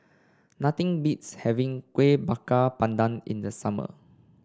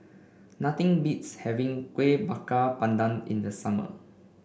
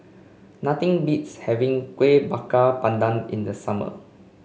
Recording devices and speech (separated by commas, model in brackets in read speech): standing microphone (AKG C214), boundary microphone (BM630), mobile phone (Samsung C5), read sentence